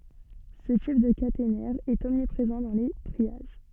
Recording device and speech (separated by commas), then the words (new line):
soft in-ear microphone, read sentence
Ce type de caténaire est omniprésent dans les triages.